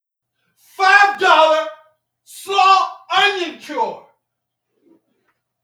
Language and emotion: English, angry